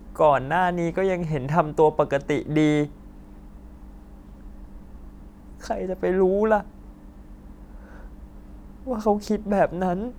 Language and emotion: Thai, sad